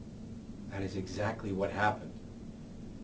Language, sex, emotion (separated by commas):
English, male, neutral